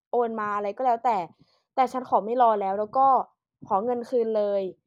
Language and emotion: Thai, frustrated